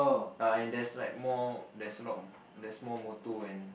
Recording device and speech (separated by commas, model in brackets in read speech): boundary microphone, conversation in the same room